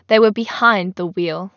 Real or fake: real